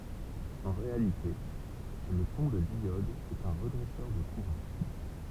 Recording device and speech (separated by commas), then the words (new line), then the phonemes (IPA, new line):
temple vibration pickup, read sentence
En réalité le pont de diode est un redresseur de courant.
ɑ̃ ʁealite lə pɔ̃ də djɔd ɛt œ̃ ʁədʁɛsœʁ də kuʁɑ̃